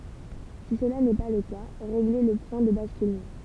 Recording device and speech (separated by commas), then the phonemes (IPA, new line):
temple vibration pickup, read sentence
si səla nɛ pa lə ka ʁeɡle lə pwɛ̃ də baskylmɑ̃